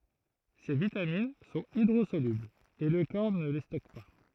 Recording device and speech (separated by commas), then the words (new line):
throat microphone, read sentence
Ces vitamines sont hydrosolubles et le corps ne les stocke pas.